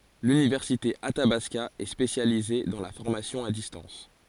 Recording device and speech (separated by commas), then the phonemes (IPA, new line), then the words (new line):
forehead accelerometer, read sentence
lynivɛʁsite atabaska ɛ spesjalize dɑ̃ la fɔʁmasjɔ̃ a distɑ̃s
L'université Athabasca est spécialisée dans la formation à distance.